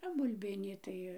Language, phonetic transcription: Lithuanian, o bulˈbinį tai

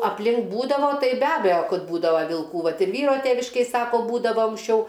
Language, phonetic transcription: Lithuanian, apˈlink ˈbūdavo ˈtai be ˈabejo ˈkad ˈbūdava vilˈkų ˈvat ir ˈvyro ˈtėviškėj ˈsako ˈbūdavo anksˈčiau

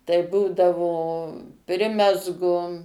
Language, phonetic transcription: Lithuanian, tai ˈbūdavo ˈprimezgu

